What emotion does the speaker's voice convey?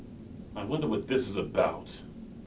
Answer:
disgusted